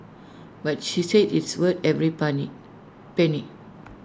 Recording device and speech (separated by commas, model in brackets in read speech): standing microphone (AKG C214), read sentence